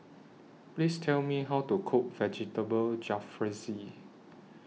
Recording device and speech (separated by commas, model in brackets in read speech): mobile phone (iPhone 6), read sentence